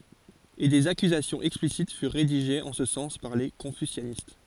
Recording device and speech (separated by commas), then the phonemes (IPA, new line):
forehead accelerometer, read sentence
e dez akyzasjɔ̃z ɛksplisit fyʁ ʁediʒez ɑ̃ sə sɑ̃s paʁ le kɔ̃fysjanist